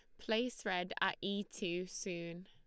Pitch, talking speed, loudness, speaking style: 190 Hz, 160 wpm, -39 LUFS, Lombard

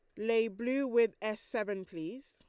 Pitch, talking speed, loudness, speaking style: 225 Hz, 170 wpm, -34 LUFS, Lombard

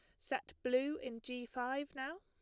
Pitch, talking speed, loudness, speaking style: 255 Hz, 180 wpm, -41 LUFS, plain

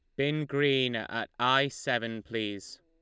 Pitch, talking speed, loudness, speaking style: 130 Hz, 140 wpm, -29 LUFS, Lombard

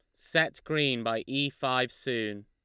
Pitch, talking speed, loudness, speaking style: 125 Hz, 160 wpm, -29 LUFS, Lombard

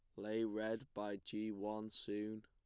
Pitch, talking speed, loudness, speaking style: 110 Hz, 165 wpm, -44 LUFS, plain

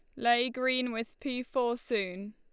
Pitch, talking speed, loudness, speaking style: 240 Hz, 170 wpm, -31 LUFS, Lombard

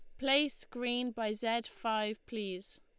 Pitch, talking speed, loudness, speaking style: 235 Hz, 140 wpm, -35 LUFS, Lombard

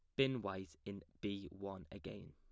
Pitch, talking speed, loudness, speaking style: 95 Hz, 170 wpm, -45 LUFS, plain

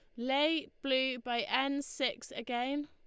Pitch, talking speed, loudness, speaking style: 265 Hz, 135 wpm, -33 LUFS, Lombard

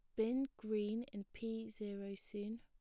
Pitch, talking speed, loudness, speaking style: 220 Hz, 150 wpm, -43 LUFS, plain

